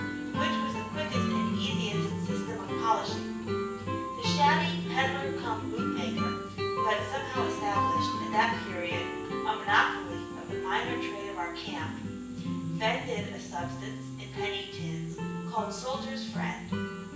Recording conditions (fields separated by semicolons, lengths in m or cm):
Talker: one person; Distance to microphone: 9.8 m; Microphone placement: far; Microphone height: 1.8 m; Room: large; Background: music